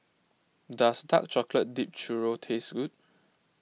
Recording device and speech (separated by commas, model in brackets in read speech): mobile phone (iPhone 6), read sentence